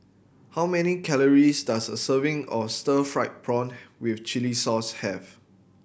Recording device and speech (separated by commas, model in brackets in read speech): boundary microphone (BM630), read sentence